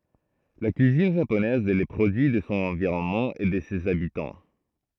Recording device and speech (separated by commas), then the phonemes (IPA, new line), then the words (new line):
throat microphone, read sentence
la kyizin ʒaponɛz ɛ lə pʁodyi də sɔ̃ ɑ̃viʁɔnmɑ̃ e də sez abitɑ̃
La cuisine japonaise est le produit de son environnement et de ses habitants.